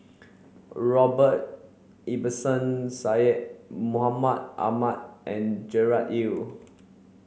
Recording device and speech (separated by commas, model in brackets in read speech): mobile phone (Samsung C7), read sentence